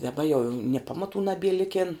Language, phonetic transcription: Lithuanian, daˈba jo jau nie ˈpamaˌtų naˈbie ˈlikėn

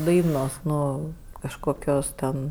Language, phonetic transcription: Lithuanian, ˈdainos ˈnu kažkoˈkios ten

